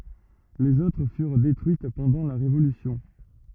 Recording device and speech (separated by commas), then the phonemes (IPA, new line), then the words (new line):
rigid in-ear microphone, read sentence
lez otʁ fyʁ detʁyit pɑ̃dɑ̃ la ʁevolysjɔ̃
Les autres furent détruites pendant la Révolution.